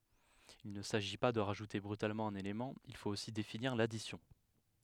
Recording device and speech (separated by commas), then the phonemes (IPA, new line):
headset microphone, read sentence
il nə saʒi pa də ʁaʒute bʁytalmɑ̃ œ̃n elemɑ̃ il fot osi definiʁ ladisjɔ̃